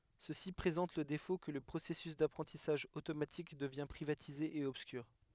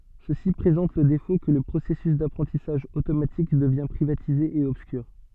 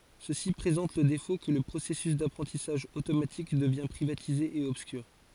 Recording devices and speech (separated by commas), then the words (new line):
headset microphone, soft in-ear microphone, forehead accelerometer, read sentence
Ceci présente le défaut que le processus d’apprentissage automatique devient privatisé et obscur.